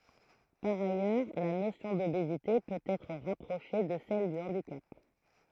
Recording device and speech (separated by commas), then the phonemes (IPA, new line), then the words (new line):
throat microphone, read sentence
paʁ ajœʁ la nosjɔ̃ dobezite pøt ɛtʁ ʁapʁoʃe də sɛl dy ɑ̃dikap
Par ailleurs, la notion d’obésité peut être rapprochée de celle du handicap.